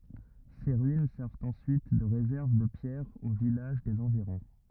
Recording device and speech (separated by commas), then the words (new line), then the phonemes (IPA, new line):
rigid in-ear microphone, read sentence
Ses ruines servent ensuite de réserve de pierres aux villages des environs.
se ʁyin sɛʁvt ɑ̃syit də ʁezɛʁv də pjɛʁz o vilaʒ dez ɑ̃viʁɔ̃